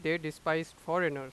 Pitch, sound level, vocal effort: 160 Hz, 94 dB SPL, loud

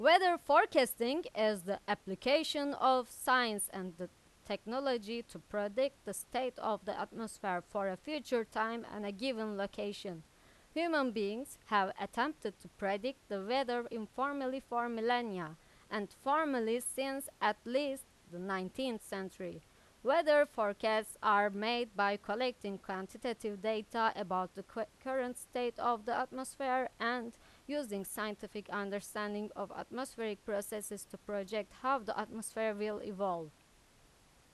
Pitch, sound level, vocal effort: 220 Hz, 91 dB SPL, very loud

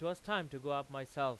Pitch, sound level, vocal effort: 140 Hz, 97 dB SPL, very loud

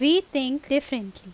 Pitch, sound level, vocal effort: 275 Hz, 88 dB SPL, very loud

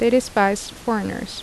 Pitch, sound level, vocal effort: 230 Hz, 78 dB SPL, normal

